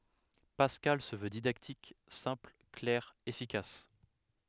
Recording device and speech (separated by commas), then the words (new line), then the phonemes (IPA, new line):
headset microphone, read sentence
Pascal se veut didactique, simple, clair, efficace.
paskal sə vø didaktik sɛ̃pl klɛʁ efikas